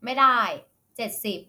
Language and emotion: Thai, angry